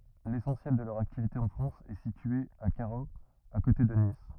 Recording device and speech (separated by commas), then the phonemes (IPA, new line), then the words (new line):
rigid in-ear microphone, read sentence
lesɑ̃sjɛl də lœʁ aktivite ɑ̃ fʁɑ̃s ɛ sitye a kaʁoz a kote də nis
L'essentiel de leur activité en France est située à Carros à côté de Nice.